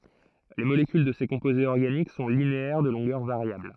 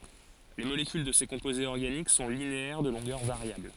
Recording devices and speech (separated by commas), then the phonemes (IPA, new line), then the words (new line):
throat microphone, forehead accelerometer, read sentence
le molekyl də se kɔ̃pozez ɔʁɡanik sɔ̃ lineɛʁ də lɔ̃ɡœʁ vaʁjabl
Les molécules de ces composés organiques sont linéaires de longueur variable.